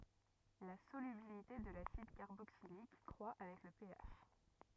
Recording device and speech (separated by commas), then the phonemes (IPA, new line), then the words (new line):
rigid in-ear microphone, read sentence
la solybilite də lasid kaʁboksilik kʁwa avɛk lə peaʃ
La solubilité de l'acide carboxylique croit avec le pH.